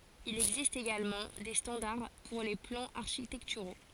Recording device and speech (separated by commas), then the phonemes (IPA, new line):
forehead accelerometer, read sentence
il ɛɡzist eɡalmɑ̃ de stɑ̃daʁ puʁ le plɑ̃z aʁʃitɛktyʁo